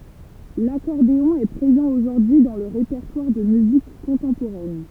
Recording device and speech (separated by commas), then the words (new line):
temple vibration pickup, read sentence
L'accordéon est présent aujourd'hui dans le répertoire de musique contemporaine.